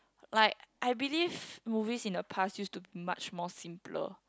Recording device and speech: close-talking microphone, conversation in the same room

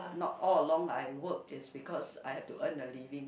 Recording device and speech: boundary microphone, conversation in the same room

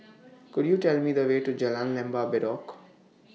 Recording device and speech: mobile phone (iPhone 6), read sentence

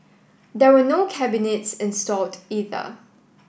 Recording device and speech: boundary microphone (BM630), read sentence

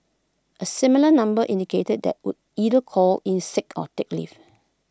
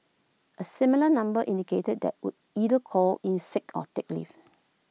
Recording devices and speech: close-talking microphone (WH20), mobile phone (iPhone 6), read sentence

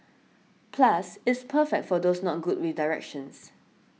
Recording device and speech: mobile phone (iPhone 6), read sentence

